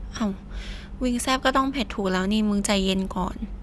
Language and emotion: Thai, frustrated